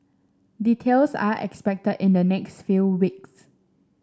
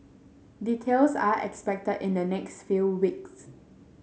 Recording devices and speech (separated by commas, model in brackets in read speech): standing microphone (AKG C214), mobile phone (Samsung S8), read sentence